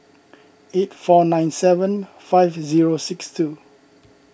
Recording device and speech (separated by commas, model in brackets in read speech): boundary microphone (BM630), read sentence